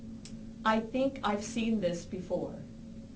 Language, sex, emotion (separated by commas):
English, female, neutral